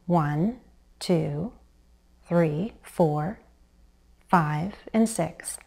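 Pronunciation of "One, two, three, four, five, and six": The counting from one to six uses a fall-rise intonation, and it sounds certain.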